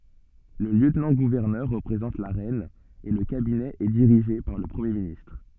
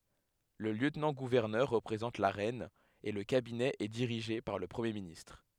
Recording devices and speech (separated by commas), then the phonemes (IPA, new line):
soft in-ear microphone, headset microphone, read sentence
lə ljøtnɑ̃ɡuvɛʁnœʁ ʁəpʁezɑ̃t la ʁɛn e lə kabinɛ ɛ diʁiʒe paʁ lə pʁəmje ministʁ